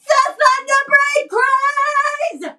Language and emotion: English, angry